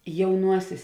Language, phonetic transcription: Lithuanian, jauˈnuosės

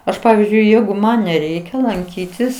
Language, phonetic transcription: Lithuanian, ˈaš ˈpavizdžiui ˈjeigu ˈman neˈreikia lanˈkytis

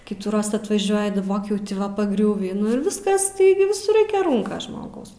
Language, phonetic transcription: Lithuanian, ˈkyitųˈroz atvaˈžiuoji daˈbok jau ti ˈva paˈgriūvį nu ir ˈviskas ˈtaigi viˈsur ˈraikia ˈrūnkas ˈžmogaus

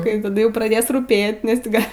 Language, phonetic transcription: Lithuanian, kai taˈdu ˈjau praˈdės rūˈpė nesˈ ti ga

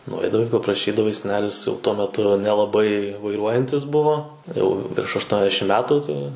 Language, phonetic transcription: Lithuanian, nuˈaidavai papraˈšydavai seˈnelis jau ˈtuo meˈtu nelaˈbai vaiˈruojantis ˈbuvo jau virš ašˈtuoniasdešim ˈmetu tai

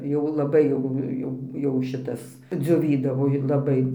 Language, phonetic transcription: Lithuanian, ˈjau laˈbai jau ˈjau jau ˈšitas dzioˈvydavo i laˈbai

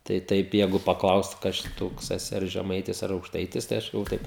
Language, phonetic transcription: Lithuanian, tai ˈtaip ˈjegu paˈklaust ˈkas čia ˈtoks eˈsi ar žeˈmaitis ar aukˈštaitis tai ˈaš galˈvoju ˈtaip

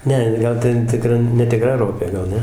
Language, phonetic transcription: Lithuanian, ˈne ˈgal ˈten tiˈkra netiˈkra ˈropė gal ˈne

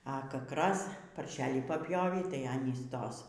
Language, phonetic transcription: Lithuanian, a ˈkak ˈraz parˈšelį papˈjovį tai ˈanys ˈtos

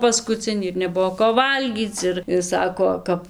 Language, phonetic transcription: Lithuanian, paskuˈcinį ir neˈbuvo ko ˈvalgyc ˈir ir ˈsako ˈkap

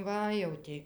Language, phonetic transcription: Lithuanian, ˈva jau ti

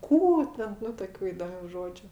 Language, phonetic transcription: Lithuanian, ˈkų ten ˈnu toˈkių įdoˈmių ˈžodžiu

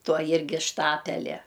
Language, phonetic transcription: Lithuanian, ˈtuo ˈjirgi ˈštapelia

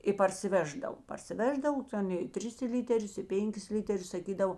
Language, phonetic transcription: Lithuanian, i parsiˈveždav parsiˈveždav ˈten i ˈtris ˈlyterius i ˈpenˌkis ˈlyterius saˈkydavo

